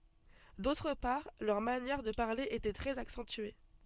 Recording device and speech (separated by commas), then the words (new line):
soft in-ear microphone, read sentence
D'autre part, leur manière de parler était très accentuée.